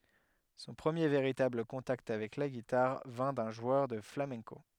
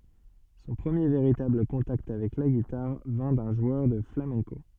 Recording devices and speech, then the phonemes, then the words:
headset microphone, soft in-ear microphone, read sentence
sɔ̃ pʁəmje veʁitabl kɔ̃takt avɛk la ɡitaʁ vɛ̃ dœ̃ ʒwœʁ də flamɛ̃ko
Son premier véritable contact avec la guitare vint d'un joueur de flamenco.

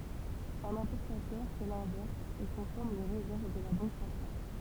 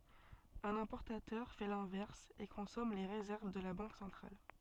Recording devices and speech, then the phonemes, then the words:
temple vibration pickup, soft in-ear microphone, read sentence
œ̃n ɛ̃pɔʁtatœʁ fɛ lɛ̃vɛʁs e kɔ̃sɔm le ʁezɛʁv də la bɑ̃k sɑ̃tʁal
Un importateur fait l'inverse, et consomme les réserves de la banque centrale.

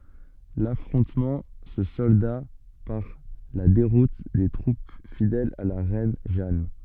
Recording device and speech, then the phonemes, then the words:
soft in-ear microphone, read sentence
lafʁɔ̃tmɑ̃ sə sɔlda paʁ la deʁut de tʁup fidɛlz a la ʁɛn ʒan
L’affrontement se solda par la déroute des troupes fidèles à la reine Jeanne.

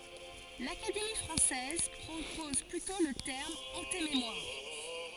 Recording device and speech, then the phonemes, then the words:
forehead accelerometer, read sentence
lakademi fʁɑ̃sɛz pʁopɔz plytɔ̃ lə tɛʁm ɑ̃tememwaʁ
L'Académie française propose plutôt le terme antémémoire.

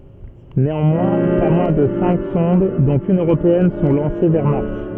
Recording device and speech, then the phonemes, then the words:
soft in-ear microphone, read sentence
neɑ̃mwɛ̃ pa mwɛ̃ də sɛ̃k sɔ̃d dɔ̃t yn øʁopeɛn sɔ̃ lɑ̃se vɛʁ maʁs
Néanmoins, pas moins de cinq sondes, dont une européenne, sont lancées vers Mars.

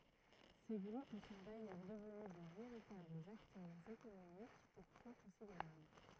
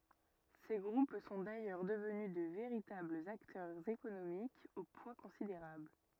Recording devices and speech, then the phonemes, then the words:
throat microphone, rigid in-ear microphone, read sentence
se ɡʁup sɔ̃ dajœʁ dəvny də veʁitablz aktœʁz ekonomikz o pwa kɔ̃sideʁabl
Ces groupes sont d'ailleurs devenus de véritables acteurs économiques au poids considérable.

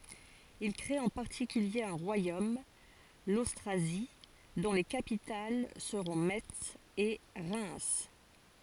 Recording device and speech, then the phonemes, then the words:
forehead accelerometer, read sentence
il kʁet ɑ̃ paʁtikylje œ̃ ʁwajom lostʁazi dɔ̃ le kapital səʁɔ̃ mɛts e ʁɛm
Ils créent en particulier un royaume, l'Austrasie, dont les capitales seront Metz et Reims.

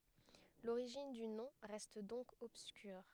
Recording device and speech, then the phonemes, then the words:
headset microphone, read sentence
loʁiʒin dy nɔ̃ ʁɛst dɔ̃k ɔbskyʁ
L'origine du nom reste donc obscure.

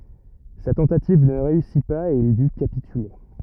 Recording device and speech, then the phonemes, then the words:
rigid in-ear microphone, read sentence
sa tɑ̃tativ nə ʁeysi paz e il dy kapityle
Sa tentative ne réussit pas et il dut capituler.

